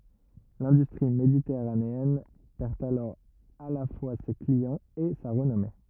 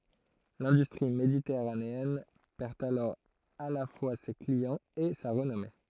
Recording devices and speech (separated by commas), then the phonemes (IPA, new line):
rigid in-ear microphone, throat microphone, read sentence
lɛ̃dystʁi meditɛʁaneɛn pɛʁ alɔʁ a la fwa se kliɑ̃z e sa ʁənɔme